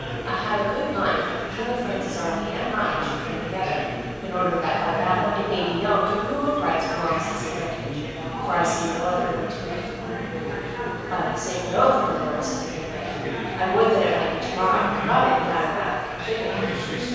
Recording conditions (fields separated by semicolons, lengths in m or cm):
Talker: one person; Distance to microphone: 7.1 m; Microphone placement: far; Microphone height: 1.7 m; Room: very reverberant, large; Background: babble